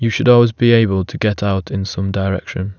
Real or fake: real